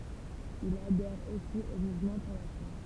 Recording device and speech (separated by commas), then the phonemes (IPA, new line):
temple vibration pickup, read sentence
il adɛʁ osi o muvmɑ̃ puʁ la fʁɑ̃s